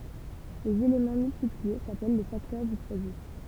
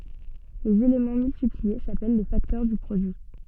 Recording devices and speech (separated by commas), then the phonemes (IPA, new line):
temple vibration pickup, soft in-ear microphone, read sentence
lez elemɑ̃ myltiplie sapɛl le faktœʁ dy pʁodyi